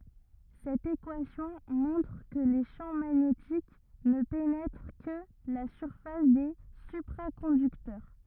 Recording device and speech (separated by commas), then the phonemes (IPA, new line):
rigid in-ear microphone, read sentence
sɛt ekwasjɔ̃ mɔ̃tʁ kə le ʃɑ̃ maɲetik nə penɛtʁ kə la syʁfas de sypʁakɔ̃dyktœʁ